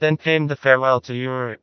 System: TTS, vocoder